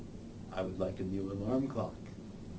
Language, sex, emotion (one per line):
English
male
neutral